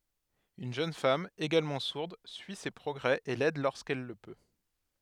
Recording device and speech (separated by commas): headset microphone, read sentence